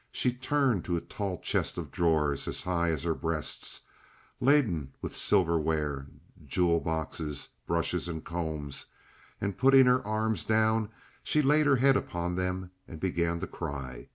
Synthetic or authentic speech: authentic